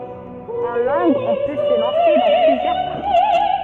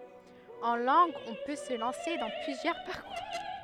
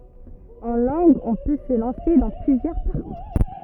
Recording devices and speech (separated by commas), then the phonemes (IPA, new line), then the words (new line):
soft in-ear microphone, headset microphone, rigid in-ear microphone, read sentence
ɑ̃ lɑ̃ɡz ɔ̃ pø sə lɑ̃se dɑ̃ plyzjœʁ paʁkuʁ
En langues, on peut se lancer dans plusieurs parcours.